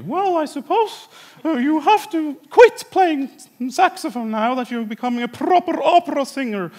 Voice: In high voice